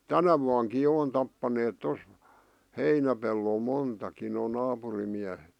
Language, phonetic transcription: Finnish, tänä vuaŋki 'jo on tappaneet 'tos , 'heinäpellol 'montakin noo 'naapurim miähet .
- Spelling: tänä vuonnakin jo on tappaneet tuossa heinäpellolla montakin nuo naapurin miehet

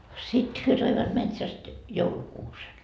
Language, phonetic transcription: Finnish, 'sit hyö toivat 'metsäst , 'joulukuusen .
- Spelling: sitten he toivat metsästä joulukuusen

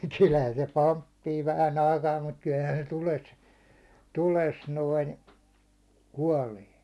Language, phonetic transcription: Finnish, kylhän se "pomppii 'vähän ‿aikaa mut kylhän se 'tules , 'tules 'noin , "kuålee .
- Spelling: kyllähän se pomppii vähän aikaa mutta kyllähän se tulessa tulessa noin kuolee

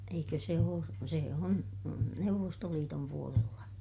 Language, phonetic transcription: Finnish, eikö se oo , sè on , Neuvvostoliitom puolella .
- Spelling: eikö se ole se on Neuvostoliiton puolella

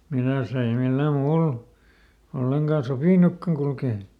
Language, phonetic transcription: Finnish, ˈmiläs ‿ei ˈmillä "muul , ˈolleŋkà "sopìnukkaŋ kulkee .
- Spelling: milläs ei millään muulla ollenkaan sopinutkaan kulkea

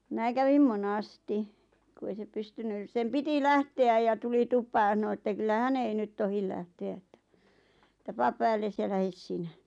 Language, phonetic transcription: Finnish, 'mⁱnä kävim "monasti , ku 'ei se 'pystynys sem "piti 'lähte₍äj ja 'tuli "tup̀aa ja ˢano että 'kyllä "hän ‿ei 'nyt tohil 'lähte₍ä ettᴀ̈ , ᵉᵗtä » "paap 'päälles ja 'lähes "sinä « .
- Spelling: minä kävin monesti kun ei se pystynyt sen piti lähteä ja tuli tupaan ja sanoi että kyllä hän ei nyt tohdi lähteä että että pane päällesi ja lähde sinä

